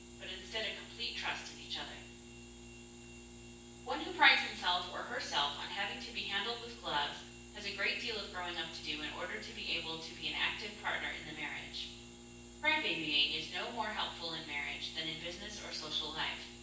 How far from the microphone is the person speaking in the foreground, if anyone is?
9.8 m.